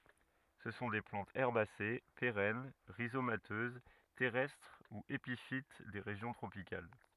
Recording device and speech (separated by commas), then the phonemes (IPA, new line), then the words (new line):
rigid in-ear microphone, read sentence
sə sɔ̃ de plɑ̃tz ɛʁbase peʁɛn ʁizomatøz tɛʁɛstʁ u epifit de ʁeʒjɔ̃ tʁopikal
Ce sont des plantes herbacées, pérennes, rhizomateuses, terrestres ou épiphytes des régions tropicales.